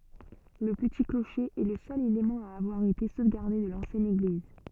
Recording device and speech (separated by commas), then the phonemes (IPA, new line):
soft in-ear microphone, read sentence
lə pəti kloʃe ɛ lə sœl elemɑ̃ a avwaʁ ete sovɡaʁde də lɑ̃sjɛn eɡliz